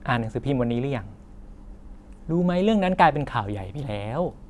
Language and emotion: Thai, happy